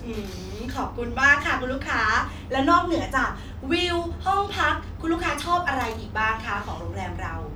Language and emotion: Thai, happy